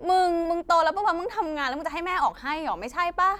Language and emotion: Thai, angry